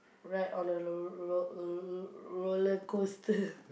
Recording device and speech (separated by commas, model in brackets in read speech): boundary microphone, conversation in the same room